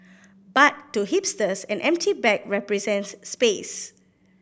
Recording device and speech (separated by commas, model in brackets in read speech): boundary microphone (BM630), read sentence